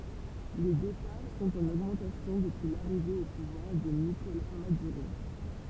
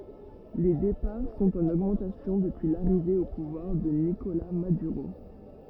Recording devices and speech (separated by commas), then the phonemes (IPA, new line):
temple vibration pickup, rigid in-ear microphone, read sentence
le depaʁ sɔ̃t ɑ̃n oɡmɑ̃tasjɔ̃ dəpyi laʁive o puvwaʁ də nikola madyʁo